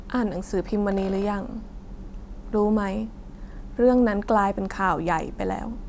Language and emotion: Thai, sad